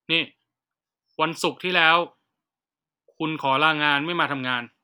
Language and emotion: Thai, frustrated